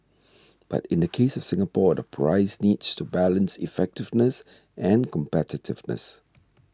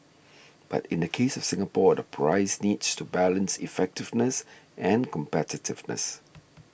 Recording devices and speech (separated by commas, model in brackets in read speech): standing microphone (AKG C214), boundary microphone (BM630), read sentence